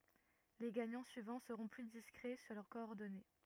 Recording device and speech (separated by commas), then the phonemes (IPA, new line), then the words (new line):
rigid in-ear microphone, read sentence
le ɡaɲɑ̃ syivɑ̃ səʁɔ̃ ply diskʁɛ syʁ lœʁ kɔɔʁdɔne
Les gagnants suivants seront plus discrets sur leurs coordonnées.